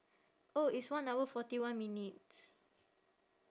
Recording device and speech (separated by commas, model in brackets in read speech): standing microphone, conversation in separate rooms